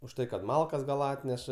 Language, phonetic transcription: Lithuanian, už ˈtai kad ˈmalkas gal ˈatneša

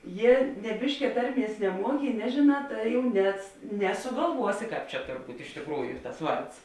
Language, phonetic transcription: Lithuanian, ˈjie ne ˈbiškia ˈtarˌmies neˈmuoki i ˈnežėˌnā ˈtai jau nes nesugalˈvuosi ˈkāp čia ˈtor ˈbūt' iš tikˈrųju tas ˈvards

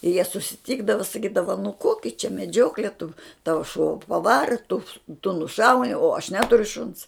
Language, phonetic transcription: Lithuanian, i jie susiˈtykdava saˈkydava nu ˈkoki čia meˈdžiokle tu ˈtava šuo paˈvara tu tu nuˈšauni o aš ˈneturiu šuns

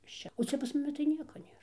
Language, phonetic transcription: Lithuanian, iš ˈčia o ˈcia pas muˈmi tai ˈnieka ˈnėr

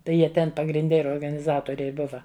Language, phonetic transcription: Lithuanian, ˈtai ˈjie ˈten pagrinˈde ir organiˈzatoriai ˈbuva

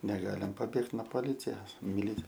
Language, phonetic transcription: Lithuanian, neˈgalim paˈbėgt no poˈlicias miˈlic

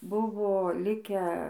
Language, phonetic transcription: Lithuanian, ˈbuvo ˈlikę

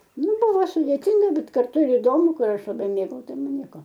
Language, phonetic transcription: Lithuanian, ˈnu ˈbuvo sudėˈtinga ˈbet karˈtu ir iˈdomu ˈkur ˈaš laˈbai ˈmėgau ˈtai ˈman ˈnieko

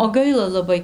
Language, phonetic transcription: Lithuanian, o ˈgaila laˈbai

